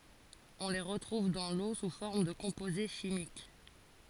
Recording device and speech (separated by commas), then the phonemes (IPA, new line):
forehead accelerometer, read sentence
ɔ̃ le ʁətʁuv dɑ̃ lo su fɔʁm də kɔ̃poze ʃimik